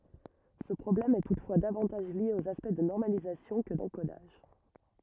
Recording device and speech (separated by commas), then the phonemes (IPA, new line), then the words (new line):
rigid in-ear microphone, read sentence
sə pʁɔblɛm ɛ tutfwa davɑ̃taʒ lje oz aspɛkt də nɔʁmalizasjɔ̃ kə dɑ̃kodaʒ
Ce problème est toutefois davantage lié aux aspects de normalisation que d’encodage.